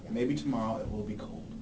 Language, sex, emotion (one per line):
English
male
neutral